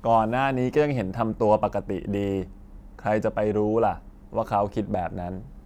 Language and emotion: Thai, frustrated